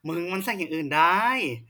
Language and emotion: Thai, frustrated